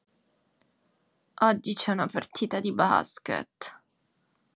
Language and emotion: Italian, disgusted